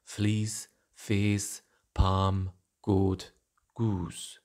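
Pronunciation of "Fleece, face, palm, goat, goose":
In 'fleece, face, palm, goat, goose', all five vowels are monophthongs, as said in a northern accent.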